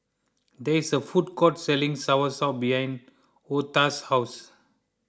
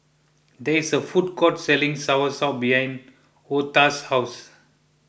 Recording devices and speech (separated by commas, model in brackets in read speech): close-talking microphone (WH20), boundary microphone (BM630), read sentence